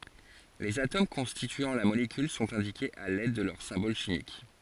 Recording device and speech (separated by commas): forehead accelerometer, read sentence